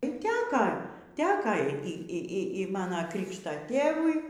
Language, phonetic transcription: Lithuanian, y ˈteka ˈteka ˈy ˈy ˈy ˈy ˈmana ˈkrikšta ˈtėvui

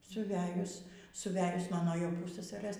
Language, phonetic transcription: Lithuanian, suˈvejus suˈvejus ˈmano jau ˈpussasarɘs

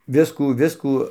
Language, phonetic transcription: Lithuanian, ˈviskų ˈviskų

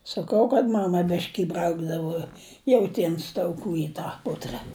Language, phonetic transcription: Lithuanian, saˈkau kad ˈmama ˈbiški iˈbraukdavo jauˈtiens tauˈkų i ˈtą ˈputra

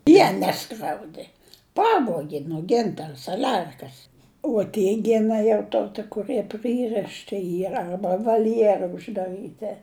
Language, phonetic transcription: Lithuanian, ˈjie ˈneskriaudė ˈpavuogi nuo ˈgintara saˈlerkas uo ˈtie ˈgina jau ˈto ti kuˈrɨe ˈprɨrɨšti ˈyra ˈarba valˈjėra uždaˈrɨti

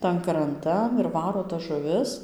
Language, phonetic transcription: Lithuanian, ˈtan kranˈtan ir ˈvaro tas žuˈvis

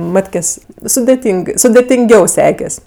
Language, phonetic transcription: Lithuanian, ˈmatkės' sudėˈtyng sudėtinˈgiau ˈsekes'

